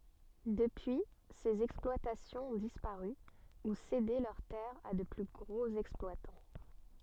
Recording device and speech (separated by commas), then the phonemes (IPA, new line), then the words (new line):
soft in-ear microphone, read sentence
dəpyi sez ɛksplwatasjɔ̃z ɔ̃ dispaʁy u sede lœʁ tɛʁz a də ply ɡʁoz ɛksplwatɑ̃
Depuis, ces exploitations ont disparu, ou cédé leurs terres à de plus gros exploitants.